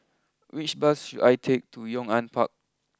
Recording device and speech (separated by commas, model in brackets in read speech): close-talking microphone (WH20), read sentence